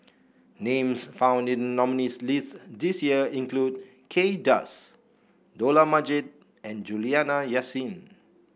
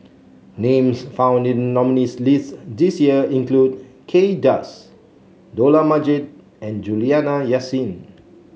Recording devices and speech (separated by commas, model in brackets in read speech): boundary microphone (BM630), mobile phone (Samsung C7), read sentence